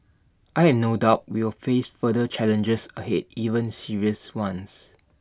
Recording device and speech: standing microphone (AKG C214), read sentence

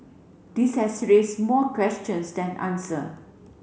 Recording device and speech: mobile phone (Samsung C7), read sentence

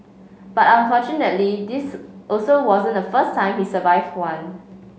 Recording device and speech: mobile phone (Samsung C5), read sentence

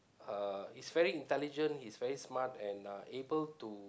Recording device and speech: close-talking microphone, conversation in the same room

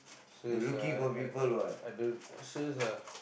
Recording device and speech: boundary microphone, conversation in the same room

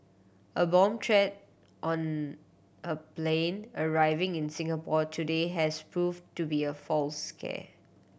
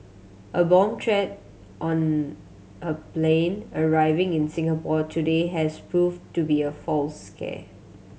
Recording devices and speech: boundary microphone (BM630), mobile phone (Samsung C7100), read sentence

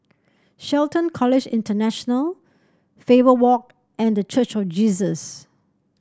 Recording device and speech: standing microphone (AKG C214), read sentence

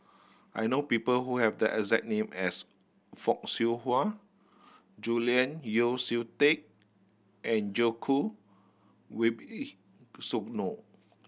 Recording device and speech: boundary microphone (BM630), read sentence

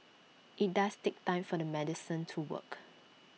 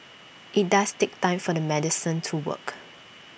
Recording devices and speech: mobile phone (iPhone 6), boundary microphone (BM630), read sentence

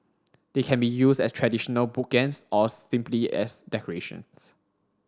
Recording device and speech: standing microphone (AKG C214), read sentence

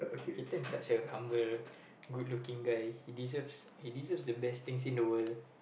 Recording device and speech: boundary microphone, conversation in the same room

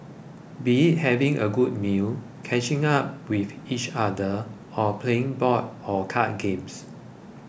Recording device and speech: boundary microphone (BM630), read sentence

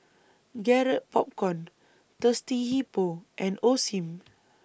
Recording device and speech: boundary microphone (BM630), read sentence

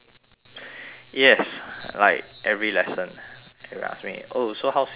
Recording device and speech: telephone, conversation in separate rooms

